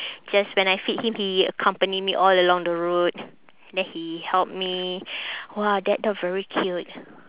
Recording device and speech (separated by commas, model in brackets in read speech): telephone, conversation in separate rooms